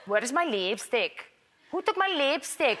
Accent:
heavy Hispanic accent